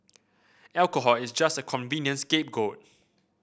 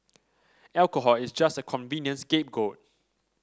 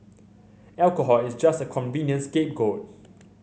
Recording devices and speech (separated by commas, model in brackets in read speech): boundary microphone (BM630), standing microphone (AKG C214), mobile phone (Samsung C7100), read sentence